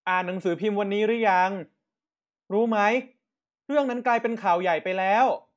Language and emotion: Thai, frustrated